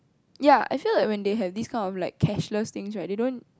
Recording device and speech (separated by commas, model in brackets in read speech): close-talking microphone, conversation in the same room